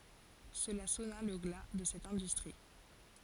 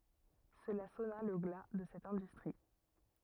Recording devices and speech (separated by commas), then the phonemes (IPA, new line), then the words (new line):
forehead accelerometer, rigid in-ear microphone, read sentence
səla sɔna lə ɡla də sɛt ɛ̃dystʁi
Cela sonna le glas de cette industrie.